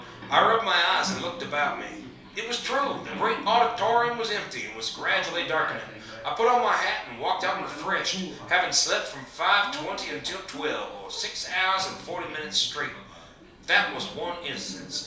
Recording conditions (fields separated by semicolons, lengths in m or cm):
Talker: one person; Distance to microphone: 3.0 m; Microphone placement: far; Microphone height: 1.8 m; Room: small (3.7 m by 2.7 m); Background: television